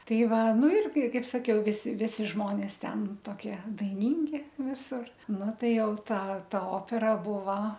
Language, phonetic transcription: Lithuanian, ˈtai ˈva ˈnu ˈirgi ˈkaip saˈkiau ˈvisi ˈvisi ˈžmonės ˈten toˈkie daiˈnyngi ˈvisur ˈnu ˈtai ˈjau ˈtą ˈta ˈopera ˈbuva

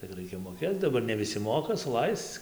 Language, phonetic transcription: Lithuanian, tik ˈraikia moˈkėc daˈbar ne ˈvisi ˈmoka suˈlaisc

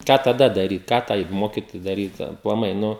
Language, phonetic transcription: Lithuanian, ˈką taˈda daˈryt ˈką tai ˈmokitojai daˈryt aplaˈmai ˈnu

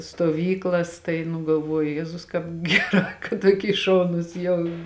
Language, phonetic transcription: Lithuanian, stuoˈvyklas ˈtai nu galˈvuoju ˈjezus ˈkāp ˈgeˌrā kad ˈtuoˌky ˈšaunus jau

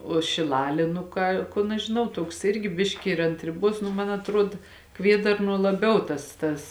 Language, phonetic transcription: Lithuanian, o šiˈlalė nu ˈką ˈkun aš žiˈnau ˈtuoks ˈirgi ˈbiški ir ant riˈbuos nu ˈman atˈruod ˈkviedarnuo laˈbiau ˈtas tas

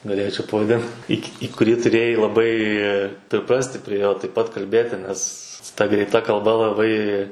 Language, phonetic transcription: Lithuanian, gaˈlėčiau pavaˈdin į k' į kuˈrį tuˈrėjai laˈbai priˈprasti prie ˈjo taip ˈpat kalˈbėti ˈnes ta greitˈa kalˈba laˈbai

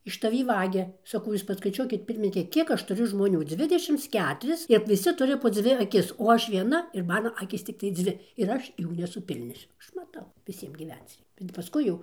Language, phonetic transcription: Lithuanian, iš taˈvį ˈvagia saˈkau ˈjūs paskaiˈčiuokit ˈpirminike ˈkiek ˈaš tuˈriu žmoˈnių ˈdzvidešims ˈketuris ir viˈsi ˈturi po ˈdzvi aˈkis o ˈaš vieˈna ir ˈmano ˈakys ˈciktai ˈdzvi ir ˈaš ˈjų nesuˈpilniosiu ˈaš maˈtau viˈsiem gyˈvenc ˈrei bet paˈskui jau

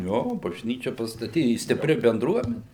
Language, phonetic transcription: Lithuanian, ˈjo bažˈnyčia pastaˈty i stiˈpri benˈdruomeni

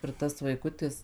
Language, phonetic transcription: Lithuanian, ir ˈtas vaiˈkutis

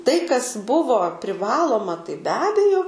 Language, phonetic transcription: Lithuanian, tai kas ˈbuvo priˈvaloma tai be ˈabejo

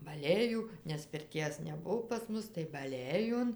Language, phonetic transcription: Lithuanian, baˈlėjų nes pirˈties neˈbuvo pas ˈmus tai baˈlėjon

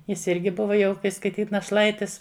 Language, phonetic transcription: Lithuanian, ˈjis ˈirgi ˈbuva jau kai skaiˈtyt naˈšlaitis

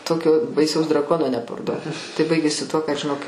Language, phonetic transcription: Lithuanian, ˈtokio baiˈsaus draˈkono neparˈduot tai ˈbaigėsi tuo kad žiˈnok aš čia aš jį ˈpardaviau

